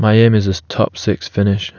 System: none